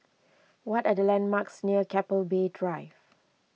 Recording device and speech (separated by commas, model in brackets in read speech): mobile phone (iPhone 6), read sentence